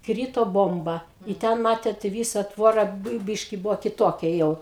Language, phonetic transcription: Lithuanian, ˈkryto ˈbomba i ˈten matėt i ˈvysa ˈtvora ˈbɘi ˈbyški ˈbuvo kiˈtokia ˈjau

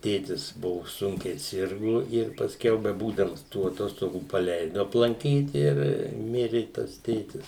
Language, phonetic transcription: Lithuanian, ˈtėtis ˈbuvu ˈsunkiai ˈsirgu ir pasˈkiau beˈbūdams tų aˈtostogų paˈleidu aplanˈkyt ir ˈmiri tas ˈtėtis

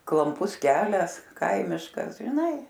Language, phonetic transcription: Lithuanian, klamˈpus ˈkelias ˈkaimiškas žiˈnai

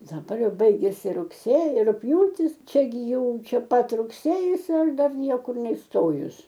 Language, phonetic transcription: Lithuanian, daˈbar ˈjau ˈbaigiasi rugˈsėji rugˈpjūtis ˈčia gi ˈjau čia ˈpat rugˈsėjis ir ˈdar ˈniekur neisˈtojus

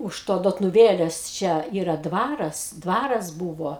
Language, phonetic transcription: Lithuanian, už ˈto dotnuˈvėlės ˈčia ˈyra ˈdvaras ˈdvaras ˈbūvo

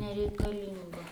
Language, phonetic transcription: Lithuanian, nereikaˈlingo

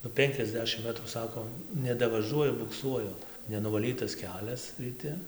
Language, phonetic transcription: Lithuanian, nu ˈpenkiasˌdešim ˈmetrų ˈsako nedavaˈžuoju bukˈsuoju nenuvaˈlytas ˈkelias ryˈti

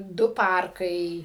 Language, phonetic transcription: Lithuanian, ˈdu ˈparkai

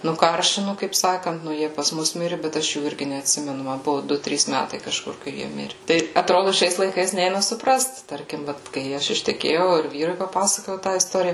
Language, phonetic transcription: Lithuanian, nuˈkaršinu kaip ˈsakant nu ˈjie pas ˈmus ˈmiri bet ˈaš jų ˈirgi neatˈsimenu ˈma ˈbuvu ˈdu ˈtrys ˈmætai kaˈžkur kai ˈjie ˈmiri ˈtai atˈrodu ˈšiais laiˈkais ˈneina suˈprast ˈtarkim ˈvat kai ˈaš išteˈkėjau ir ˈvyrui paˈpasakojau tą isˈtorija

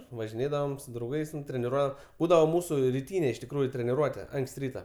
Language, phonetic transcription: Lithuanian, važiˈnėdavom su drauˈgais ten treniˈruo ˈbūdavo ˈmūsu riˈtynė iš tikˈrųju treniˈruote ˈanks't' ˈryta

